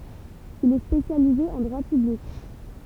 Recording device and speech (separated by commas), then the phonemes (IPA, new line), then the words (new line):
temple vibration pickup, read sentence
il ɛ spesjalize ɑ̃ dʁwa pyblik
Il est spécialisé en droit public.